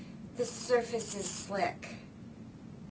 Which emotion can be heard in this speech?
neutral